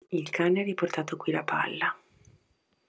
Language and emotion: Italian, neutral